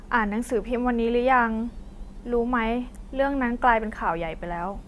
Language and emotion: Thai, neutral